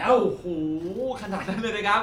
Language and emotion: Thai, happy